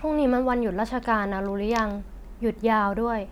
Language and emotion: Thai, neutral